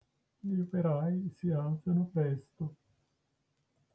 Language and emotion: Italian, sad